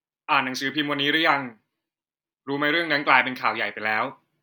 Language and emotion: Thai, neutral